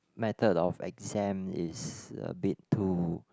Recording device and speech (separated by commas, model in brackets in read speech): close-talking microphone, conversation in the same room